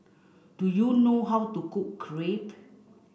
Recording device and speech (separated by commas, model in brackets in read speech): boundary microphone (BM630), read sentence